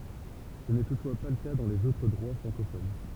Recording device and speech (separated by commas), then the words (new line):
temple vibration pickup, read sentence
Ce n'est toutefois pas le cas dans les autres droits francophones.